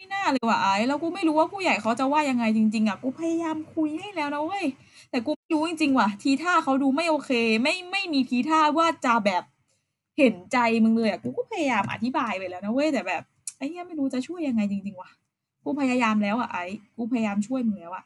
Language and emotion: Thai, frustrated